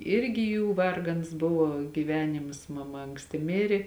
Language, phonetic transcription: Lithuanian, ˈirgi ˈjų ˈvargans ˈbuvo gyˈvenimas maˈma anksˈti ˈmiri

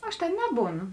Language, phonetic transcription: Lithuanian, ˈaš tėn ˈnebūˌnu

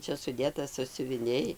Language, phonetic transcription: Lithuanian, ˈčia suˈdėta sąsiuviˈniai

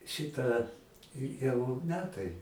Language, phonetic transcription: Lithuanian, ˈšita i jau ˈmetai

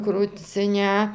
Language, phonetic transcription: Lithuanian, kruciˈne

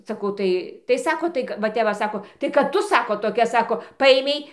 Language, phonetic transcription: Lithuanian, saˈkau ˈtai tai ˈsako ˈtai ka va ˈtep va ˈsako tai kad ˈtu ˈsako toˈkia ˈsako ˈpaėmei

